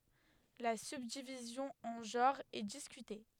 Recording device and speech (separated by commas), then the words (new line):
headset microphone, read sentence
La subdivision en genres est discutée.